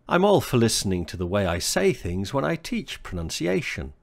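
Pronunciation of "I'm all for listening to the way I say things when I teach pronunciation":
In 'for listening', the word 'for' is said in a weak form that is just an f sound.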